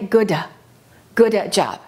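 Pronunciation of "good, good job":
'Good job' is pronounced incorrectly here: the d at the end of 'good' is released rather than held before 'job'.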